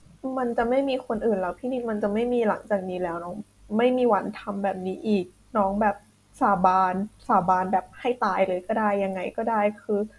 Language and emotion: Thai, sad